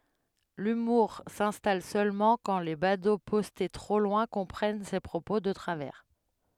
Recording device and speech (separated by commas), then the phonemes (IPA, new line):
headset microphone, read sentence
lymuʁ sɛ̃stal sølmɑ̃ kɑ̃ le bado pɔste tʁo lwɛ̃ kɔ̃pʁɛn se pʁopo də tʁavɛʁ